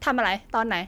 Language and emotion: Thai, angry